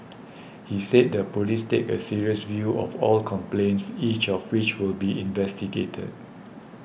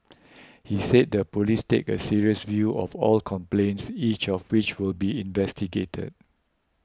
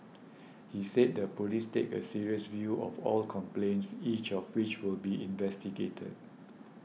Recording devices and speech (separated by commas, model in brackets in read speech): boundary microphone (BM630), close-talking microphone (WH20), mobile phone (iPhone 6), read sentence